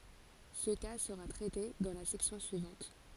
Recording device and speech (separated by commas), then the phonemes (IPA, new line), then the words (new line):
forehead accelerometer, read sentence
sə ka səʁa tʁɛte dɑ̃ la sɛksjɔ̃ syivɑ̃t
Ce cas sera traité dans la section suivante.